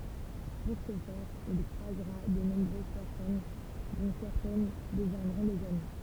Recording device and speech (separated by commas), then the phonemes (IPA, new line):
temple vibration pickup, read sentence
puʁ sə fɛʁ il kʁwazʁa də nɔ̃bʁøz pɛʁsɔn dɔ̃ sɛʁtɛn dəvjɛ̃dʁɔ̃ dez ami